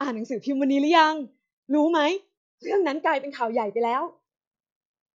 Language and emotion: Thai, happy